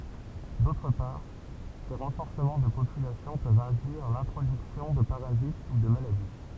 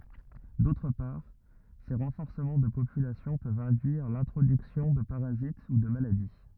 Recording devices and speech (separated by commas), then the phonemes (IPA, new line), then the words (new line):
temple vibration pickup, rigid in-ear microphone, read sentence
dotʁ paʁ se ʁɑ̃fɔʁsəmɑ̃ də popylasjɔ̃ pøvt ɛ̃dyiʁ lɛ̃tʁodyksjɔ̃ də paʁazit u də maladi
D’autre part, ces renforcements de population peuvent induire l’introduction de parasites ou de maladies.